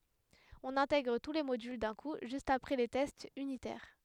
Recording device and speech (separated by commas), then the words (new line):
headset microphone, read sentence
On intègre tous les modules d'un coup juste après les tests unitaires.